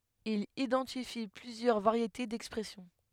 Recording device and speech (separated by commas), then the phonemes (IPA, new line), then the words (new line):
headset microphone, read sentence
il idɑ̃tifi plyzjœʁ vaʁjete dɛkspʁɛsjɔ̃
Il identifie plusieurs variétés d'expression.